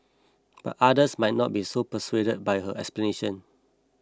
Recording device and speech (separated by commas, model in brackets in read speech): close-talking microphone (WH20), read sentence